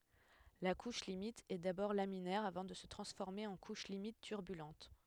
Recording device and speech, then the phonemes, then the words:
headset microphone, read sentence
la kuʃ limit ɛ dabɔʁ laminɛʁ avɑ̃ də sə tʁɑ̃sfɔʁme ɑ̃ kuʃ limit tyʁbylɑ̃t
La couche limite est d'abord laminaire avant de se transformer en couche limite turbulente.

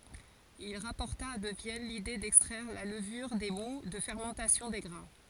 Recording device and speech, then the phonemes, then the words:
forehead accelerometer, read sentence
il ʁapɔʁta də vjɛn lide dɛkstʁɛʁ la ləvyʁ de mu də fɛʁmɑ̃tasjɔ̃ de ɡʁɛ̃
Il rapporta de Vienne l'idée d'extraire la levure des moûts de fermentation des grains.

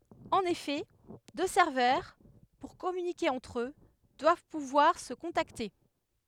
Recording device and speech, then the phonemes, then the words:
headset microphone, read sentence
ɑ̃n efɛ dø sɛʁvœʁ puʁ kɔmynike ɑ̃tʁ ø dwav puvwaʁ sə kɔ̃takte
En effet, deux serveurs, pour communiquer entre eux, doivent pouvoir se contacter.

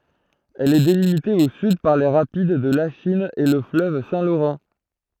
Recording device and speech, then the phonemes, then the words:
throat microphone, read sentence
ɛl ɛ delimite o syd paʁ le ʁapid də laʃin e lə fløv sɛ̃ loʁɑ̃
Elle est délimitée au sud par les rapides de Lachine et le fleuve Saint-Laurent.

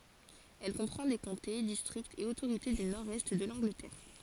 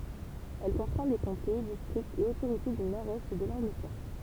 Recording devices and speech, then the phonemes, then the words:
forehead accelerometer, temple vibration pickup, read sentence
ɛl kɔ̃pʁɑ̃ de kɔ̃te distʁiktz e otoʁite dy nɔʁdɛst də lɑ̃ɡlətɛʁ
Elle comprend des comtés, districts et autorités du nord-est de l'Angleterre.

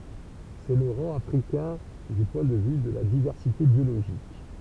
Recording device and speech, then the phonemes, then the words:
temple vibration pickup, read sentence
sɛ lə ʁɑ̃ afʁikɛ̃ dy pwɛ̃ də vy də la divɛʁsite bjoloʒik
C’est le rang africain du point de vue de la diversité biologique.

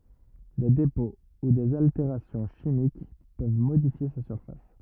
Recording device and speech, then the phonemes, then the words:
rigid in-ear microphone, read sentence
de depɔ̃ u dez alteʁasjɔ̃ ʃimik pøv modifje sa syʁfas
Des dépôts ou des altérations chimiques peuvent modifier sa surface.

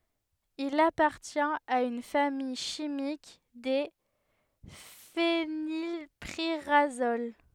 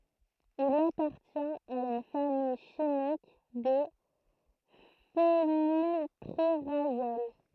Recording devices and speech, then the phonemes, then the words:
headset microphone, throat microphone, read sentence
il apaʁtjɛ̃t a yn famij ʃimik de fenilpiʁazol
Il appartient à une famille chimique des phénylpyrazoles.

